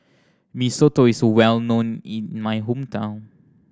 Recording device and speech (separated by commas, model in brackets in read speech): standing microphone (AKG C214), read sentence